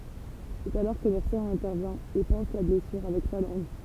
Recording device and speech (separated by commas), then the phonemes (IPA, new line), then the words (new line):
temple vibration pickup, read sentence
sɛt alɔʁ kə luʁsɔ̃ ɛ̃tɛʁvjɛ̃ e pɑ̃s la blɛsyʁ avɛk sa lɑ̃ɡ
C'est alors que l'ourson intervient et panse la blessure avec sa langue.